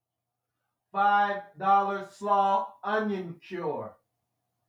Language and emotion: English, neutral